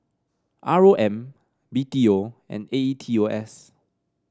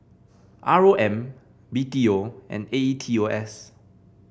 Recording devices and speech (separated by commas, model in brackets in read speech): standing microphone (AKG C214), boundary microphone (BM630), read sentence